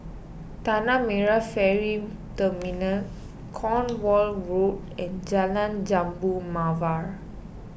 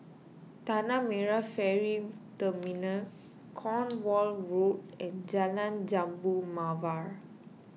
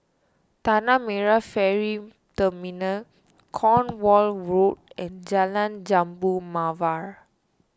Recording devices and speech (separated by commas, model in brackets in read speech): boundary microphone (BM630), mobile phone (iPhone 6), standing microphone (AKG C214), read sentence